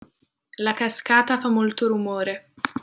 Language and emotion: Italian, neutral